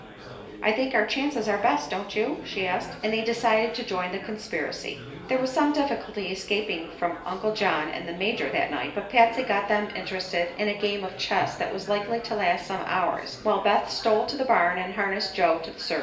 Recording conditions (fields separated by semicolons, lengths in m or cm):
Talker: one person; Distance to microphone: 1.8 m; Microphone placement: close; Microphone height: 1.0 m; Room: large; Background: babble